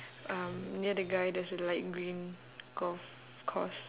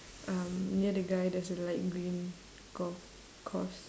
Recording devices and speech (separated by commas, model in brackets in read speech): telephone, standing microphone, conversation in separate rooms